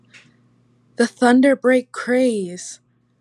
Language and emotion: English, happy